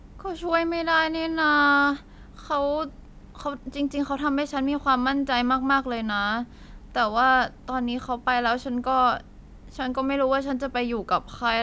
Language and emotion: Thai, frustrated